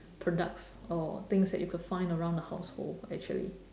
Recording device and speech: standing microphone, conversation in separate rooms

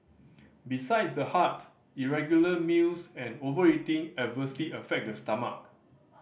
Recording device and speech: boundary microphone (BM630), read sentence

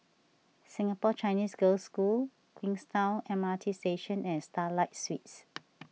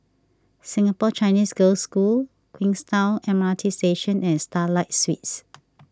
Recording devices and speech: mobile phone (iPhone 6), standing microphone (AKG C214), read sentence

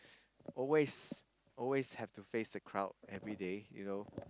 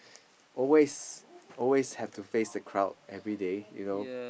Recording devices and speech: close-talking microphone, boundary microphone, conversation in the same room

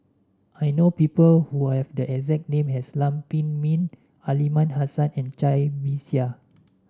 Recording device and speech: standing microphone (AKG C214), read sentence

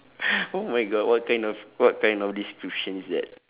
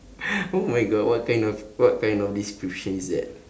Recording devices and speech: telephone, standing microphone, conversation in separate rooms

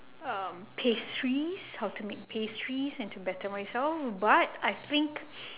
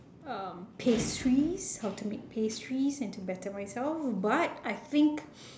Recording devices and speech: telephone, standing microphone, conversation in separate rooms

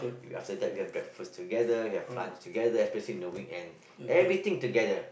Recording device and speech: boundary microphone, conversation in the same room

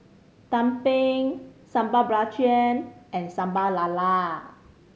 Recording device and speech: mobile phone (Samsung C5010), read sentence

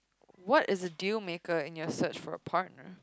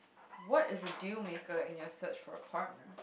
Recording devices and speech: close-talking microphone, boundary microphone, conversation in the same room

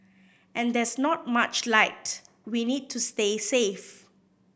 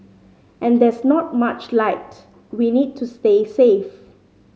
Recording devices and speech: boundary microphone (BM630), mobile phone (Samsung C5010), read sentence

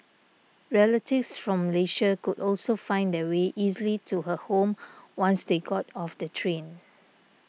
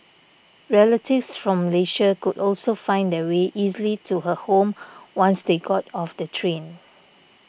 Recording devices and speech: mobile phone (iPhone 6), boundary microphone (BM630), read sentence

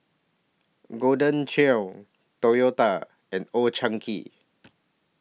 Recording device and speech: mobile phone (iPhone 6), read sentence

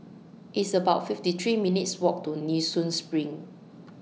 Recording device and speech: mobile phone (iPhone 6), read sentence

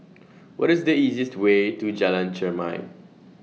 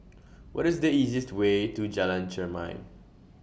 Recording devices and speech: mobile phone (iPhone 6), boundary microphone (BM630), read sentence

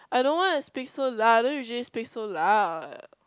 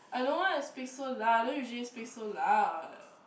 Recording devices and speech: close-talking microphone, boundary microphone, conversation in the same room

